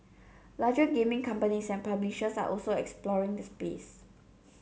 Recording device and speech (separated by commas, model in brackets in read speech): mobile phone (Samsung C7), read sentence